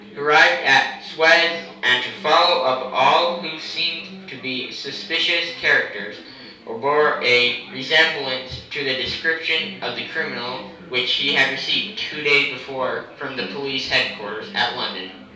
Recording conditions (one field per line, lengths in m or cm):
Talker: one person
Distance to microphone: 3.0 m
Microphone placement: far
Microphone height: 1.8 m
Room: small (3.7 m by 2.7 m)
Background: babble